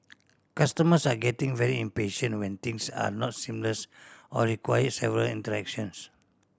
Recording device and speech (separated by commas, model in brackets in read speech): standing microphone (AKG C214), read sentence